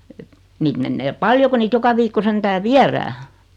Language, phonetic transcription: Finnish, et , 'niit mennee "paljo ku niit 'joka viikko 'sentää "viärää .
- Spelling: että niitä menee paljon kun niitä joka viikko sentään viedään

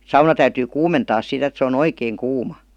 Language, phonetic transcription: Finnish, 'sauna täyty "kuumentaa sit ‿et se o"n ‿oikeeŋ 'kuuma , niin , 'et nee rupee "kuivaamaan sit ja .
- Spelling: sauna täytyy kuumentaa sitten että se on oikein kuuma niin että ne rupeaa kuivaamaan sitten ja

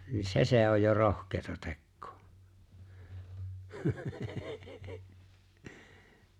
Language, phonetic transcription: Finnish, ni "se se ‿oj jo "rohk̀eeta 'tekkᴏᴏ .
- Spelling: niin se se on jo rohkeata tekoa

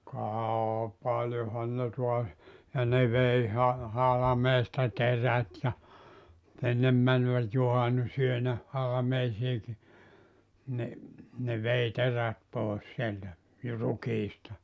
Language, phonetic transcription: Finnish, kà , 'paljohan ne tuas , ja ne vei ha- , 'halᵃmeesta "terät ja , ennem mänvät 'juhannusyönä , 'halameisiiki , ni , ne 'vei 'terät 'pòes sieltä , ju- 'rukiista .
- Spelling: ka paljonhan ne taas ja ne vei - halmeesta terät ja ennen menivät juhannusyönä halmeisiinkin niin ne vei terät pois sieltä - rukiista

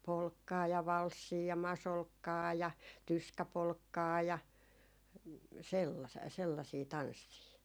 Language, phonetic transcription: Finnish, 'polkkaa ja 'valssii ja 'masolkkaa ja "tyskäpolkkaa ja , 'sella- 'sellasii "tanssii .
- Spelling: polkkaa ja valssia ja masolkkaa ja tyskäpolkkaa ja - sellaisia tansseja

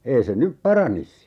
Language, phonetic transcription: Finnish, 'ei se "nyp 'paranis .
- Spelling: ei se nyt paranisi

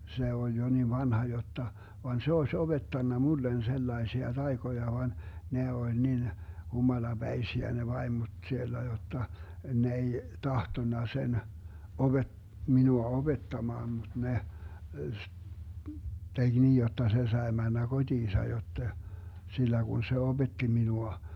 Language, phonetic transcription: Finnish, van 'se oeś 'oBettanna "mullen 'sellaesia 'taikoja van , 'ne 'oĺ nin , 'humala'Bäisiä ne 'vaimoD 'siellä jotta , 'ne ei , 'tahtonna sen , 'oBe- , 'minua "oBettamaan muD 'ne , 'teG "niij jotta 'se sae 'männä "koDiisa jotte , 'sillä Gun se "oBetti 'minua .
- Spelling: vaan se olisi opettanut minulle sellaisia taikoja vaan ne oli niin humalapäisiä ne vaimot siellä jotta ne ei tahtonut sen - minua opettamaan mutta ne teki niin jotta se sai mennä kotiinsa jotta sillä kun se opetti minua

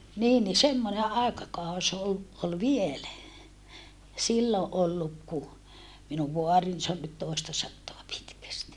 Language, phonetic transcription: Finnish, niin ni semmone àekakaus ‿ol , ol vielä , sillo ʼolluk ku , minuv voarin se on nyt tòestasattoa pitkästi .
- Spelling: niin niin semmoinen aikakausi oli oli vielä silloin ollut kun minun vaarini se on nyt toistasataa pitkästi

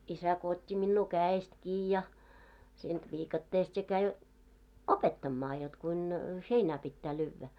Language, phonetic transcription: Finnish, isä ko ot́t́i minnuu "kää₍est 'kii ja , siint 'viikatteest ja käi , "opettammaa jot kuin , 'heinä pittä lyyvvä .
- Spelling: isä kun otti minua kädestä kiinni ja siitä viikatteesta ja kävi opettamaan jotta kuinka heinä pitää lyödä

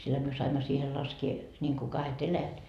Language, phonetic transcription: Finnish, silhä myö 'saimma siihe 'laskie , ńiŋku 'kahe't ‿eläjät .
- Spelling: sillähän me saimme siihen laskea niin kuin kahdet eläjät

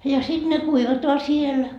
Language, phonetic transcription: Finnish, ja sit ne 'kuivatoa siel .
- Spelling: ja sitten ne kuivataan siellä

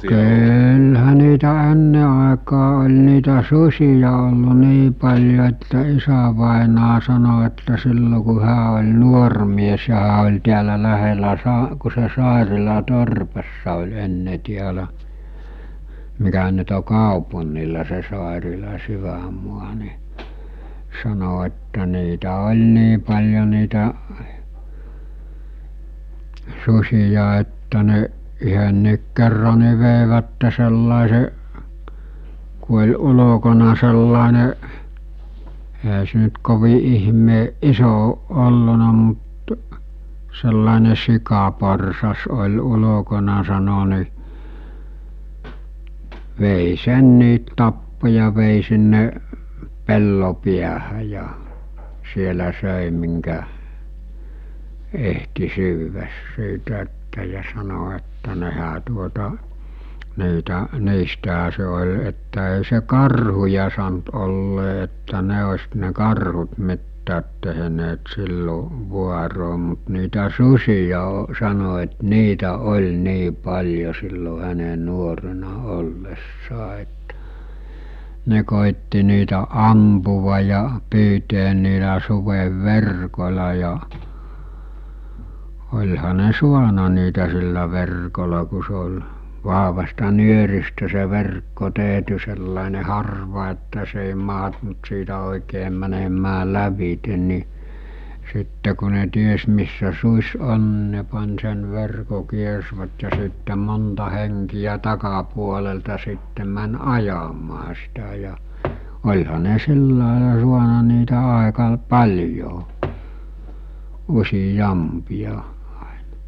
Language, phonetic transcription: Finnish, 'kyylhä niitä 'enne àekaa oĺ niitä "sus̜ija ollu 'nii paĺjo että 'isävàenaa sano että 'sillo ku 'hää oĺ 'nuor mies ja hää oĺ tiälä lähelä 'sa- , ku se 'Sàerila 'torpassa oĺ 'enne 'tiälä , mikä nyt o 'kaopun̆nila se 'Sàerila 'syväm̆mua ni , sano että niitä oĺ 'nii paĺjo niitä , 'sus̜ija että ne , yhönniik kerra ni̬ vèivätte sellàese , ku oĺ 'ulokona sellàeneˀ , e(ɦä) se nyt kovi 'ihmeeˀ "ˀiso oˀ 'ˀolluna mut , sellàene 'sikaporsas oĺ 'ulokona sano ni , vèi 'senniit tappo ja vèi sinne , 'pello piähä ja , 'sielä 'sö̀i miŋkä , ehti 'syyväs 'siitä että ja sano että nehä tuota , niitä , 'niistäɦä se ol̜ että ei se 'karhuja sant ollee että 'ne os̜ ne 'karhut 'mittäät teɦᵉneet 'sillo , 'vuaroo mut niitä ''sus̜ija o- , sano et 'niitä 'oĺ 'nii 'paĺjo 'sillo 'häne 'nuorena 'ollessaa ettᴀ̈ , 'ne kòitti niitä 'ampuva ja , 'pyyteen niilä 'suvev'verkol̜a ja , oĺha ne "suana niitä sillä 'verkola ku se ol̜ , 'vaɦvasta 'nyöristä se 'verkko 'tèɦty sellàene 'harva että se èi maɦtunt siitä òikee mänemää 'lävite ni , 'sitte ku ne 'ties missä 'suuś 'on ni ne pań sen 'verko 'kiersvät ja sitte 'monta heŋkijä 'takapuolelta sitte män "ajamaa sitä ja , ol̜ha ne 'sillàela suana niitä 'àeka l- , "paĺjo , 'usi'jampia , (àena) .
- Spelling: kyllähän niitä ennen aikaan oli niitä susia ollut niin paljon että isävainaja sanoi että silloin kun hän oli nuori mies ja hän oli täällä lähellä - kun se Sairilan torpassa oli ennen täällä mikä nyt on kaupungilla se Sairilan sydänmaa niin sanoi että niitä oli niin paljon niitä susia että ne yhdenkin kerran niin veivät sellaisen kun oli ulkona sellainen eihän se nyt kovin ihmeen iso ole ollut mutta sellainen sikaporsas oli ulkona sanoi niin vei senkin tappoi ja vei sinne pellon päähän ja siellä söi minkä ehti syödä siitä että ja sanoi että nehän tuota niitä niistähän se oli että ei se karhuja sanonut olleen että ne olisi ne karhut mitään tehneet silloin vuoroin mutta niitä susia - sanoi että niitä oli niin paljon silloin hänen nuorena ollessaan että ne koetti niitä ampua ja pyytää niillä sudenverkoilla ja olihan ne saanut niitä sillä verkolla kun se oli vahvasta nyöristä se verkko tehty sellainen harva että se ei mahtunut siitä oikein menemään lävitse niin sitten kun ne tiesi missä susi on niin ne pani sen verkon kiersivät ja sitten monta henkeä takapuolelta sitten meni ajamaan sitä ja olihan ne sillä lailla saanut niitä aika - paljon useampia aina

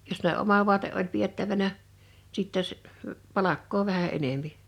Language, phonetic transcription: Finnish, jos ne '’oma vu̬ate’ ’oĺ 'piettävänä , sìtte s- , 'palakkoo 'vähä 'enempi .
- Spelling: jos ne oma vaate oli pidettävänä sitten - palkkaa vähän enempi

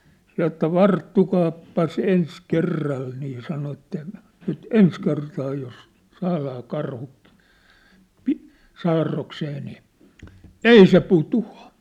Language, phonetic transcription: Finnish, sa että » "varttukaappas 'ens 'kerral nii « sano että , » nyt "ens kertaa jos , 'saalaa 'karhu , pi- , 'saarroksee nii , "ei se "putu₍a ! «
- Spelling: sanoi että varttukaapas ensi kerralla niin sanoi että nyt ensi kertaa jos saadaan karhu - saarrokseen niin ei se putoa

